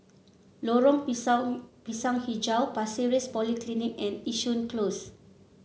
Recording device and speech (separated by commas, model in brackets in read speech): mobile phone (Samsung C7), read sentence